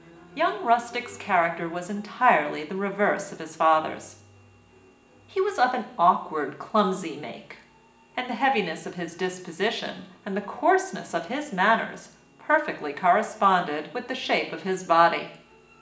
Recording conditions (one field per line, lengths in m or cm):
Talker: one person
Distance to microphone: 1.8 m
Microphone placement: close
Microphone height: 1.0 m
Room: large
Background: music